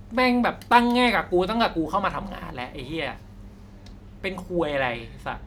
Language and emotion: Thai, angry